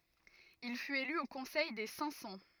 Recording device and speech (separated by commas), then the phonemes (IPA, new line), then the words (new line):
rigid in-ear microphone, read sentence
il fyt ely o kɔ̃sɛj de sɛ̃k sɑ̃
Il fut élu au Conseil des Cinq-Cents.